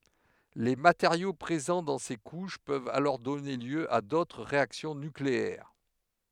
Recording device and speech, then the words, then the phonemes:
headset microphone, read sentence
Les matériaux présents dans ces couches peuvent alors donner lieu à d'autres réactions nucléaires.
le mateʁjo pʁezɑ̃ dɑ̃ se kuʃ pøvt alɔʁ dɔne ljø a dotʁ ʁeaksjɔ̃ nykleɛʁ

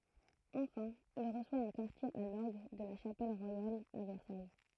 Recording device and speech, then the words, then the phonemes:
throat microphone, read sentence
Enfin, il reçoit un quartier à l'orgue de la Chapelle royale à Versailles.
ɑ̃fɛ̃ il ʁəswa œ̃ kaʁtje a lɔʁɡ də la ʃapɛl ʁwajal a vɛʁsaj

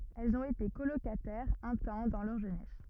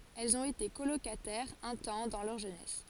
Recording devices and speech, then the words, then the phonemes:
rigid in-ear microphone, forehead accelerometer, read sentence
Elles ont été colocataires, un temps, dans leur jeunesse.
ɛlz ɔ̃t ete kolokatɛʁz œ̃ tɑ̃ dɑ̃ lœʁ ʒønɛs

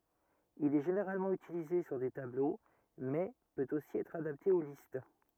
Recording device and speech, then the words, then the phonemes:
rigid in-ear microphone, read sentence
Il est généralement utilisé sur des tableaux, mais peut aussi être adapté aux listes.
il ɛ ʒeneʁalmɑ̃ ytilize syʁ de tablo mɛ pøt osi ɛtʁ adapte o list

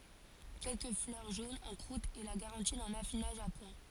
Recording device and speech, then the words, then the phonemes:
forehead accelerometer, read sentence
Quelques fleurs jaunes en croûte est la garantie d'un affinage à point.
kɛlkə flœʁ ʒonz ɑ̃ kʁut ɛ la ɡaʁɑ̃ti dœ̃n afinaʒ a pwɛ̃

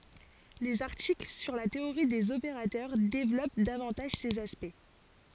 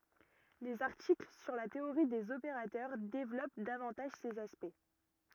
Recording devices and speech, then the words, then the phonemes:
forehead accelerometer, rigid in-ear microphone, read sentence
Les articles sur la théorie des opérateurs développent davantage ces aspects.
lez aʁtikl syʁ la teoʁi dez opeʁatœʁ devlɔp davɑ̃taʒ sez aspɛkt

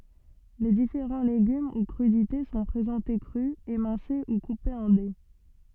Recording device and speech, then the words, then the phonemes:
soft in-ear microphone, read sentence
Les différents légumes ou crudités sont présentés crus, émincés ou coupés en dés.
le difeʁɑ̃ leɡym u kʁydite sɔ̃ pʁezɑ̃te kʁy emɛ̃se u kupez ɑ̃ de

